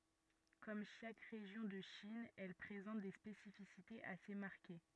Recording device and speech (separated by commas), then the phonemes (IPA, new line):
rigid in-ear microphone, read sentence
kɔm ʃak ʁeʒjɔ̃ də ʃin ɛl pʁezɑ̃t de spesifisitez ase maʁke